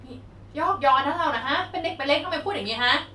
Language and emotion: Thai, angry